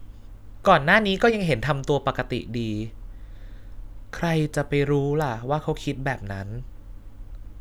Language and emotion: Thai, sad